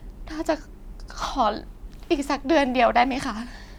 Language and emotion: Thai, sad